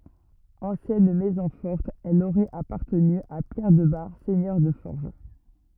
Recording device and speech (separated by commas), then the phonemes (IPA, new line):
rigid in-ear microphone, read sentence
ɑ̃sjɛn mɛzɔ̃ fɔʁt ɛl oʁɛt apaʁtəny a pjɛʁ də baʁ sɛɲœʁ də fɔʁʒ